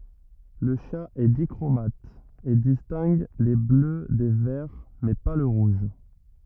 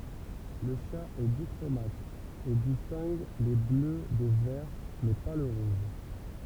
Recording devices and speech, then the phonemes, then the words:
rigid in-ear microphone, temple vibration pickup, read sentence
lə ʃa ɛ dikʁomat e distɛ̃ɡ le blø de vɛʁ mɛ pa lə ʁuʒ
Le chat est dichromate, et distingue les bleus des verts, mais pas le rouge.

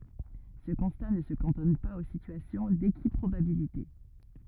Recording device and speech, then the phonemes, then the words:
rigid in-ear microphone, read sentence
sə kɔ̃sta nə sə kɑ̃tɔn paz o sityasjɔ̃ dekipʁobabilite
Ce constat ne se cantonne pas aux situations d’équiprobabilité.

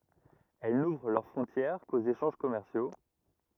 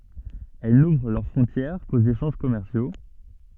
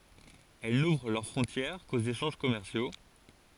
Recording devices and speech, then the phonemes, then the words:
rigid in-ear microphone, soft in-ear microphone, forehead accelerometer, read sentence
ɛl nuvʁ lœʁ fʁɔ̃tjɛʁ koz eʃɑ̃ʒ kɔmɛʁsjo
Elles n'ouvrent leurs frontières qu'aux échanges commerciaux.

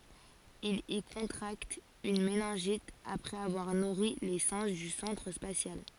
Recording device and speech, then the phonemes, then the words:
forehead accelerometer, read sentence
il i kɔ̃tʁakt yn menɛ̃ʒit apʁɛz avwaʁ nuʁi le sɛ̃ʒ dy sɑ̃tʁ spasjal
Il y contracte une méningite après avoir nourri les singes du centre spatial.

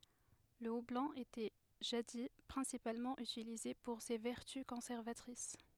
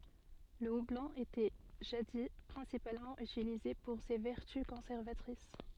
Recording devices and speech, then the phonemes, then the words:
headset microphone, soft in-ear microphone, read sentence
lə ublɔ̃ etɛ ʒadi pʁɛ̃sipalmɑ̃ ytilize puʁ se vɛʁty kɔ̃sɛʁvatʁis
Le houblon était, jadis, principalement utilisé pour ses vertus conservatrices.

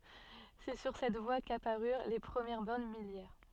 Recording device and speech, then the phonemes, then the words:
soft in-ear microphone, read sentence
sɛ syʁ sɛt vwa kapaʁyʁ le pʁəmjɛʁ bɔʁn miljɛʁ
C’est sur cette voie qu’apparurent les premières bornes milliaires.

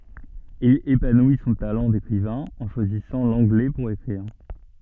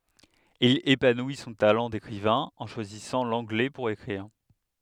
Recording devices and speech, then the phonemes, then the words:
soft in-ear microphone, headset microphone, read sentence
il epanwi sɔ̃ talɑ̃ dekʁivɛ̃ ɑ̃ ʃwazisɑ̃ lɑ̃ɡlɛ puʁ ekʁiʁ
Il épanouit son talent d'écrivain en choisissant l'anglais pour écrire.

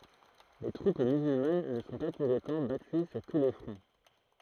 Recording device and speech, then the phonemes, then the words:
throat microphone, read sentence
le tʁup myzylman nə sɔ̃ pa puʁ otɑ̃ baty syʁ tu le fʁɔ̃
Les troupes musulmanes ne sont pas, pour autant, battues sur tous les fronts.

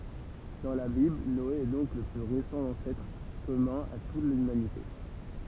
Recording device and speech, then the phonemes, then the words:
temple vibration pickup, read sentence
dɑ̃ la bibl nɔe ɛ dɔ̃k lə ply ʁesɑ̃ ɑ̃sɛtʁ kɔmœ̃ a tut lymanite
Dans la Bible, Noé est donc le plus récent ancêtre commun à toute l'humanité.

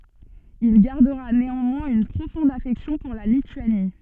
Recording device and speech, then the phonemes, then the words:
soft in-ear microphone, read sentence
il ɡaʁdəʁa neɑ̃mwɛ̃z yn pʁofɔ̃d afɛksjɔ̃ puʁ la lityani
Il gardera néanmoins une profonde affection pour la Lituanie.

